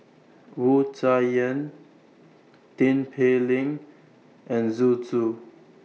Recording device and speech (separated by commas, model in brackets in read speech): mobile phone (iPhone 6), read sentence